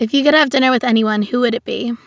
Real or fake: real